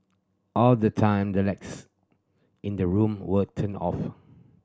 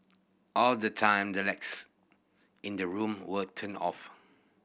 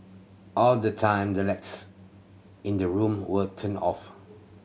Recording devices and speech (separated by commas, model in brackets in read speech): standing microphone (AKG C214), boundary microphone (BM630), mobile phone (Samsung C7100), read sentence